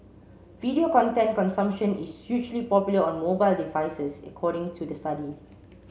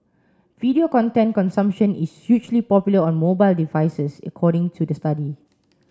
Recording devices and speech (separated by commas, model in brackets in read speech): mobile phone (Samsung C7), standing microphone (AKG C214), read sentence